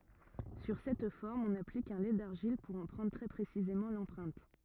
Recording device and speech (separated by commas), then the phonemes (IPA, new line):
rigid in-ear microphone, read sentence
syʁ sɛt fɔʁm ɔ̃n aplik œ̃ lɛ daʁʒil puʁ ɑ̃ pʁɑ̃dʁ tʁɛ pʁesizemɑ̃ lɑ̃pʁɛ̃t